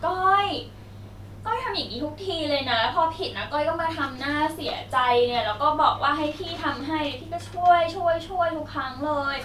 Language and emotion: Thai, frustrated